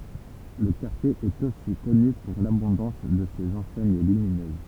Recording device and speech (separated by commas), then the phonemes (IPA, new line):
temple vibration pickup, read sentence
lə kaʁtje ɛt osi kɔny puʁ labɔ̃dɑ̃s də sez ɑ̃sɛɲ lyminøz